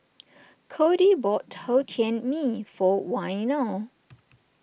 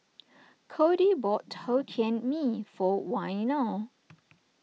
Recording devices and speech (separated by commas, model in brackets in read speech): boundary microphone (BM630), mobile phone (iPhone 6), read sentence